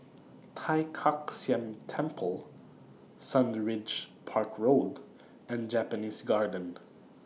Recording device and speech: mobile phone (iPhone 6), read sentence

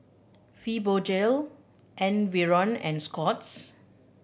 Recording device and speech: boundary microphone (BM630), read sentence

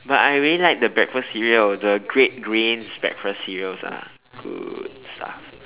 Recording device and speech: telephone, conversation in separate rooms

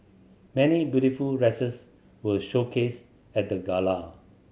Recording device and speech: mobile phone (Samsung C7100), read sentence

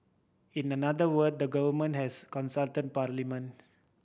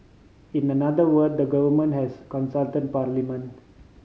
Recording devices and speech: boundary microphone (BM630), mobile phone (Samsung C5010), read sentence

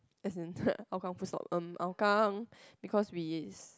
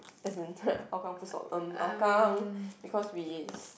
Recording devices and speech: close-talking microphone, boundary microphone, conversation in the same room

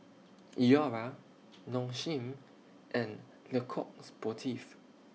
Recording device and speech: mobile phone (iPhone 6), read sentence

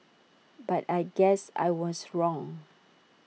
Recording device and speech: mobile phone (iPhone 6), read sentence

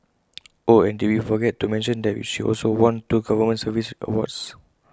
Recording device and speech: close-talking microphone (WH20), read sentence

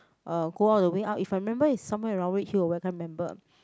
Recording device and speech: close-talking microphone, conversation in the same room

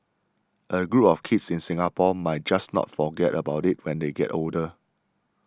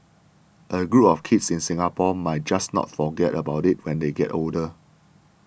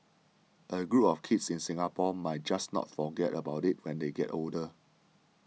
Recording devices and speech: standing microphone (AKG C214), boundary microphone (BM630), mobile phone (iPhone 6), read sentence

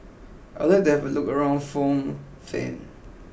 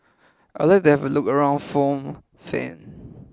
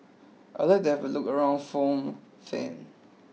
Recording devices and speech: boundary microphone (BM630), close-talking microphone (WH20), mobile phone (iPhone 6), read sentence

